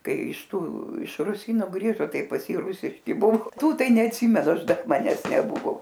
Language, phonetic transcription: Lithuanian, ˈkai išˈtų iš ruˈsyno ˈgrįžo ˈtai pas ˈjį ˈrusiški ˈbuo ˈtų ˈtai neatˈsimenu ˈaš ˈdar maˈnes neˈbuvo

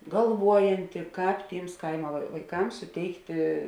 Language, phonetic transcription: Lithuanian, galˈvuojanti ˈkāp ˈtyms ˈkaima vai vaiˈkams suˈteikti

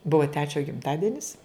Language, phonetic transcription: Lithuanian, ˈbuva ˈtečio gimˈtadenis

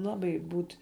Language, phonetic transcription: Lithuanian, ˈlabai ˈbūt'

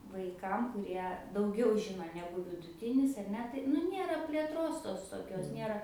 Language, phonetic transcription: Lithuanian, ˈvaikam kuˈrie dauˈgiau ˈžino ˈnegu viduˈtinis ar ˈne tai nu ˈnėra plėˈtros ˈtos toˈkios ˈnėra

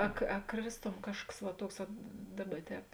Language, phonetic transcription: Lithuanian, a a ˈkrėsˌtom ˈkažkas va ˈtuoks vat ˈdaˌba ˈtēp

